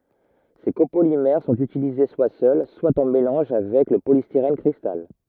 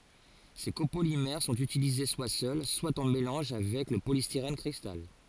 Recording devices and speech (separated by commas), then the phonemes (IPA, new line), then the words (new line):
rigid in-ear microphone, forehead accelerometer, read sentence
se kopolimɛʁ sɔ̃t ytilize swa sœl swa ɑ̃ melɑ̃ʒ avɛk lə polistiʁɛn kʁistal
Ces copolymères sont utilisés soit seuls, soit en mélange avec le polystyrène cristal.